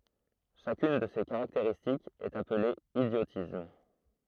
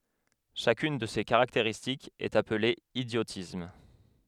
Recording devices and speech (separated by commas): throat microphone, headset microphone, read sentence